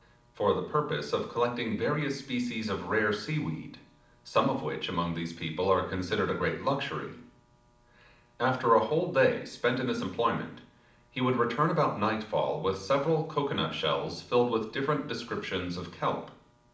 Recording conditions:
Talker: one person; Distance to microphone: 2.0 m; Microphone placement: close; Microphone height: 99 cm; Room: medium-sized (5.7 m by 4.0 m); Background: none

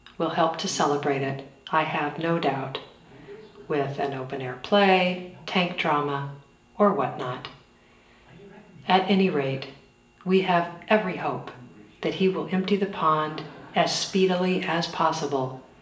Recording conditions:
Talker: one person; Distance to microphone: 1.8 m; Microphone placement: close; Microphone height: 1.0 m; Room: large; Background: television

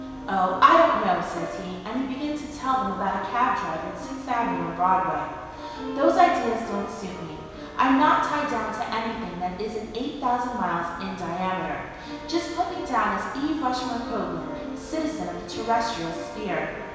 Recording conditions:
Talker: one person; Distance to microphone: 1.7 m; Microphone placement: close; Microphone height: 1.0 m; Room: very reverberant, large; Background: music

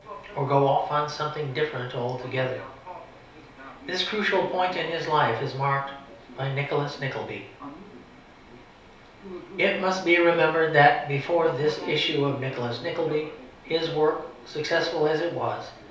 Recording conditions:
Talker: one person; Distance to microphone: 3.0 m; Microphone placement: far; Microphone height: 1.8 m; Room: small (3.7 m by 2.7 m); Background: television

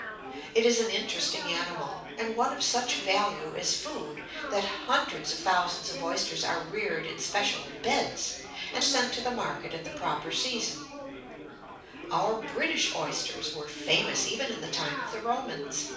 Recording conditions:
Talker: one person; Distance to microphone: 5.8 m; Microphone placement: far; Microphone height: 1.8 m; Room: medium-sized (5.7 m by 4.0 m); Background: babble

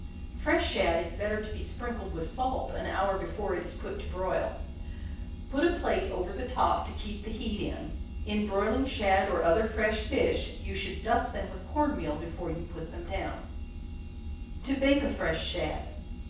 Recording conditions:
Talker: one person; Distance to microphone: 9.8 m; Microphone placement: far; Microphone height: 1.8 m; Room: large; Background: none

